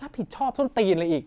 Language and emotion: Thai, angry